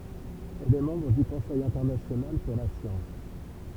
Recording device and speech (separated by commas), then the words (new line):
temple vibration pickup, read sentence
Elle est membre du Conseil international pour la science.